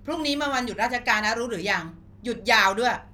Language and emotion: Thai, frustrated